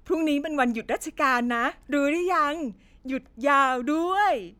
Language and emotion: Thai, happy